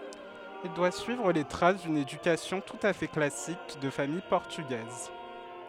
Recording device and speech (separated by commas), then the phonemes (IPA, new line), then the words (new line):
headset microphone, read sentence
il dwa syivʁ le tʁas dyn edykasjɔ̃ tut a fɛ klasik də famij pɔʁtyɡɛz
Il doit suivre les traces d'une éducation tout à fait classique de famille portugaise.